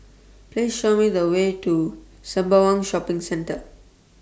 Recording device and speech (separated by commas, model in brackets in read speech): standing microphone (AKG C214), read sentence